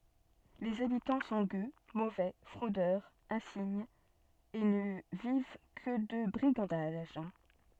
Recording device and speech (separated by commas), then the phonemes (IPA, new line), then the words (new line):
soft in-ear microphone, read sentence
lez abitɑ̃ sɔ̃ ɡø movɛ fʁodœʁz ɛ̃siɲz e nə viv kə də bʁiɡɑ̃daʒ
Les habitants sont gueux, mauvais, fraudeurs insignes, et ne vivent que de brigandages.